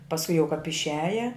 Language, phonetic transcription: Lithuanian, pasˈku jau kap išˈiaja

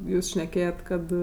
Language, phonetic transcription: Lithuanian, ˈjūs šneˈkėjet ˈkad

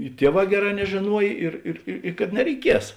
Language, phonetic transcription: Lithuanian, i ˈtieˌvā ˈgeˌrā nežėˈnuoj ˈir ir i kad nereiˈkies

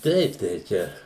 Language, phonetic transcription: Lithuanian, ˈteip tai ˈčia

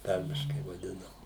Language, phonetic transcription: Lithuanian, ˈtarmiškai vaˈdinam

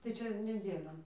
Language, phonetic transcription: Lithuanian, tai ˈčia neˈdėlion

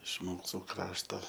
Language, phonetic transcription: Lithuanian, iš ˈmūsų ˈkrašto

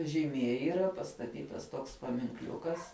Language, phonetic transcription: Lithuanian, žyˈmie yˈra pastaˈtytas toks paminkˈliukas

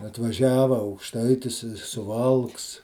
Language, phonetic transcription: Lithuanian, atvaˈžiava aukˈštaitis i suˈvalks

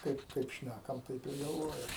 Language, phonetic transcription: Lithuanian, ˈkaip ˈkaip ˈšnækam ˈtaip ir galˈvojam

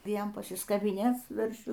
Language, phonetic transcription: Lithuanian, ˈvien pasiskabiˈnėc su verˈšiu

